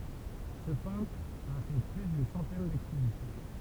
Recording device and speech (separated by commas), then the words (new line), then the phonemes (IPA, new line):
temple vibration pickup, read sentence
Ce peintre a fait plus d'une centaine d'expositions.
sə pɛ̃tʁ a fɛ ply dyn sɑ̃tɛn dɛkspozisjɔ̃